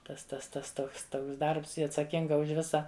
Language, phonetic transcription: Lithuanian, tas tas ˈtas ˈtoks ˈtoks ˈdarbs ˈji atsaˈkinga už ˈvisa

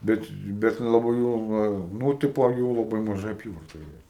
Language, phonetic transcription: Lithuanian, ˈbet ˈbet laˈbai jau ˈva ˈnu ˈtipo ˈjų laˈbai maˈža aˈpyvarta ˈėja

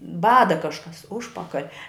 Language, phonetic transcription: Lithuanian, ˈbada ˈkažkas ˈužpakal'

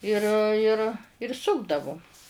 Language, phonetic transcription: Lithuanian, ˈir ir ir ˈsukdavum

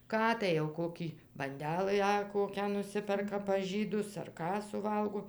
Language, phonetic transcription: Lithuanian, ˈką tai jau ˈkokį banˈdelɨ a ˈkokią nuˈsiperka pas ˈžydus ar ˈką suˈvalgo

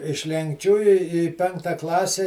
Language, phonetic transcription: Lithuanian, iš lenkˈčių i i ˈpenkta ˈklase

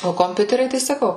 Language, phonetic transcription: Lithuanian, o komˈpiuteriai tai saˈkau

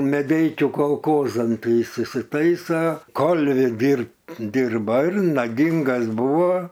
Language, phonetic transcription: Lithuanian, meˈdeikiu kolˈkozan ˈtai ˈis isitaisa ˈkolvi ˈdirbt ˈdirba ir naˈgingas ˈbuvo

